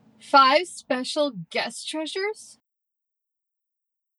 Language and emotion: English, disgusted